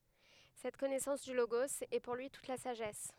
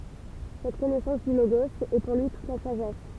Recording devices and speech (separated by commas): headset microphone, temple vibration pickup, read sentence